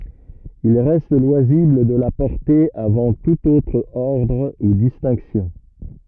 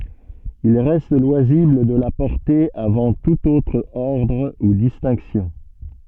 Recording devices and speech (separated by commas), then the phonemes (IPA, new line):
rigid in-ear microphone, soft in-ear microphone, read sentence
il ʁɛst lwazibl də la pɔʁte avɑ̃ tut otʁ ɔʁdʁ u distɛ̃ksjɔ̃